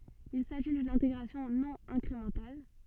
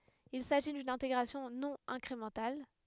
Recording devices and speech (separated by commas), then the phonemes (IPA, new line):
soft in-ear microphone, headset microphone, read sentence
il saʒi dyn ɛ̃teɡʁasjɔ̃ nɔ̃ ɛ̃kʁemɑ̃tal